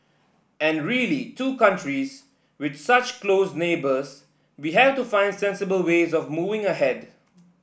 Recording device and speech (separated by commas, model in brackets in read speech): boundary microphone (BM630), read sentence